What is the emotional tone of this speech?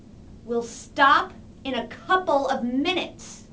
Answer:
angry